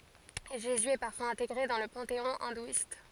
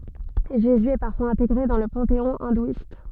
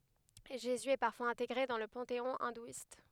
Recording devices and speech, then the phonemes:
forehead accelerometer, soft in-ear microphone, headset microphone, read sentence
ʒezy ɛ paʁfwaz ɛ̃teɡʁe dɑ̃ lə pɑ̃teɔ̃ ɛ̃dwist

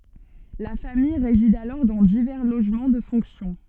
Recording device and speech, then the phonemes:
soft in-ear microphone, read sentence
la famij ʁezid alɔʁ dɑ̃ divɛʁ loʒmɑ̃ də fɔ̃ksjɔ̃

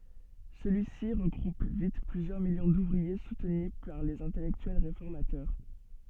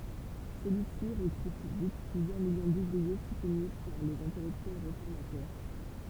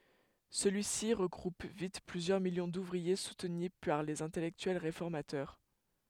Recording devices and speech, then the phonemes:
soft in-ear microphone, temple vibration pickup, headset microphone, read sentence
səlyi si ʁəɡʁup vit plyzjœʁ miljɔ̃ duvʁie sutny paʁ lez ɛ̃tɛlɛktyɛl ʁefɔʁmatœʁ

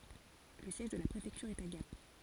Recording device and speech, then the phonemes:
forehead accelerometer, read sentence
lə sjɛʒ də la pʁefɛktyʁ ɛt a ɡap

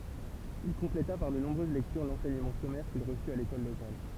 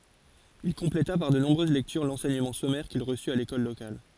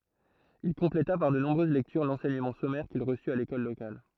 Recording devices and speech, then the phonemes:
temple vibration pickup, forehead accelerometer, throat microphone, read sentence
il kɔ̃pleta paʁ də nɔ̃bʁøz lɛktyʁ lɑ̃sɛɲəmɑ̃ sɔmɛʁ kil ʁəsy a lekɔl lokal

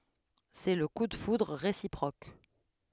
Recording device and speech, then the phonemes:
headset microphone, read sentence
sɛ lə ku də fudʁ ʁesipʁok

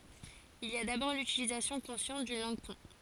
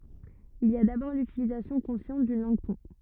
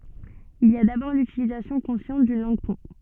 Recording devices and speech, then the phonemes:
forehead accelerometer, rigid in-ear microphone, soft in-ear microphone, read sentence
il i a dabɔʁ lytilizasjɔ̃ kɔ̃sjɑ̃t dyn lɑ̃ɡ pɔ̃

